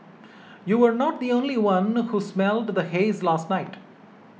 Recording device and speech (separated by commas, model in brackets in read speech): mobile phone (iPhone 6), read sentence